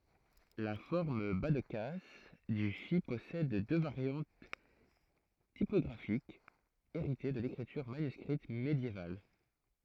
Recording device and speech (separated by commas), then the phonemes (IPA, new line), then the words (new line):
throat microphone, read sentence
la fɔʁm bazdkas dy fi pɔsɛd dø vaʁjɑ̃t tipɔɡʁafikz eʁite də lekʁityʁ manyskʁit medjeval
La forme bas-de-casse du phi possède deux variantes typographiques, héritées de l'écriture manuscrite médiévale.